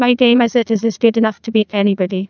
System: TTS, neural waveform model